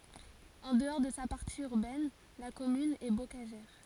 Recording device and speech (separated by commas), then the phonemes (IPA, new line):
forehead accelerometer, read sentence
ɑ̃ dəɔʁ də sa paʁti yʁbɛn la kɔmyn ɛ bokaʒɛʁ